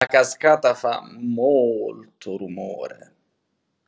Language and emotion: Italian, surprised